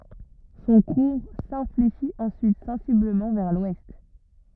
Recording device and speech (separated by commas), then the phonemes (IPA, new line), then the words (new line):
rigid in-ear microphone, read sentence
sɔ̃ kuʁ sɛ̃fleʃit ɑ̃syit sɑ̃sibləmɑ̃ vɛʁ lwɛst
Son cours s'infléchit ensuite sensiblement vers l'ouest.